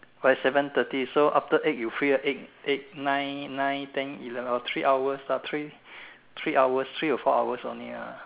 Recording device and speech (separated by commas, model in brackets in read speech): telephone, conversation in separate rooms